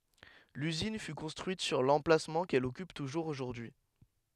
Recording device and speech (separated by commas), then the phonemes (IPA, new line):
headset microphone, read sentence
lyzin fy kɔ̃stʁyit syʁ lɑ̃plasmɑ̃ kɛl ɔkyp tuʒuʁz oʒuʁdyi